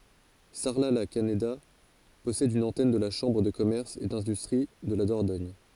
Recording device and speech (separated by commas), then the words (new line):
forehead accelerometer, read sentence
Sarlat-la-Canéda possède une antenne de la Chambre de commerce et d'industrie de la Dordogne.